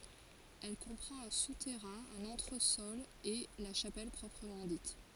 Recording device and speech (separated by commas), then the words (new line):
forehead accelerometer, read sentence
Elle comprend un souterrain, un entresol et la chapelle proprement dite.